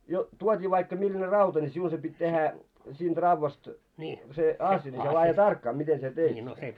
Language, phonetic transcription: Finnish, jo , 'tuot́ii vaikka milläne "rauta ńi 'siun se pit́ tehä , 'siint 'ravvast , se "asja mikä laaje "tarkkaa mite sie 'teit sen .
- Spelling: jo tuotiin vaikka millainen rauta niin sinun se piti tehdä siitä raudasta se asia mikä laadi tarkkaa miten sinä teit sen

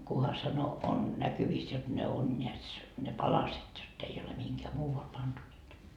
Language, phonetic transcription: Finnish, 'kuha sano 'on 'näkyviis jot ne on ńeäts , ne "palaset , jott ‿ei ole 'mihiŋkää "muuval 'pantu niitä » .
- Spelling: kunhan sanoi on näkyvissä jotta ne on näetkös ne palaset jotta ei ole mihinkään muualle pantu niitä

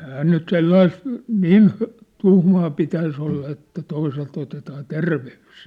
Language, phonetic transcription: Finnish, ɛⁱhää nyt "sellais(ᵗ) , 'niin , 'tuhmaa pitäis ‿olla että 'toiselt ‿otetaa "terve₍ys .
- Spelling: eihän nyt sellaista niin tuhmaa pitäisi olla että toiselta otetaan terveys

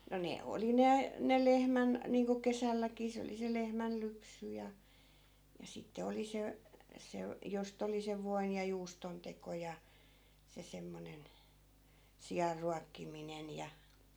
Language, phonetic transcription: Finnish, no 'ne oli "ne , "ne 'lehmän , niiŋko 'kesälläkii 'se oli se 'lehmäl'lypsy ja , ja 'sitte 'oli se , 'se , 'jost ‿oli sev 'voin ja 'juuston teko ja , 'se semmonen , 'sijarruakkiminen ja ,.
- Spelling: no ne oli ne ne lehmän niin kuin kesälläkin se oli se lehmänlypsy ja ja sitten oli se se josta oli sen voin ja juuston teko ja se semmoinen sianruokkiminen ja

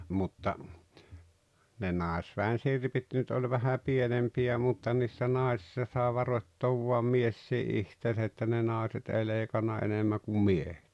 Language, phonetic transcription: Finnish, mutta , ne "nàesvä̀en 'sirpit nyt oĺ vähä 'pienempi₍ä mutta niissä 'náesⁱssa sàe 'varoⁱttoov vuam "miessii '’ihteesä että ne "naaᵉset "ei 'lèikanna 'enemmä kum "miehᴇt .
- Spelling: mutta ne naisväen sirpit nyt oli vähän pienempiä mutta niissä naisissa sai varoittaa vain mieskin itseänsä että ne naiset ei leikannut enemmän kuin miehet

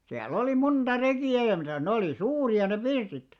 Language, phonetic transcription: Finnish, 'siäll ‿oli 'munᴅa "reki₍ä ja mitä̀s 'ne olì "suuri₍a ne 'pirtit .
- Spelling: siellä oli monta rekiä ja mitäs ne oli suuria ne pirtit

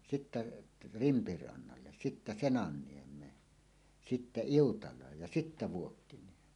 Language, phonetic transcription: Finnish, 'sittä , "Rimpirannalle , sittä "Senanniem̀een , 'sittä "Iutal̀aaj ja 'sittä "Vuokkiniem̀een .
- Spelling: sitten Rimpirannalle sitten Senanniemeen sitten Iutalaan ja sitten Vuokkiniemeen

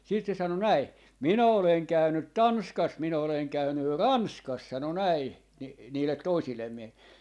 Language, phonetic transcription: Finnish, siit se 'sano "näi , » 'minä 'oleŋ 'käynyt "Tanskas , 'minä oleŋ 'käynyr "Ranskas » sano 'näi , ni- , 'niilet "toisillem 'mie(hille) .
- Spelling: sitten se sanoi näin minä olen käynyt Tanskassa minä olen käynyt Ranskassa sanoi näin - niille toisille miehille

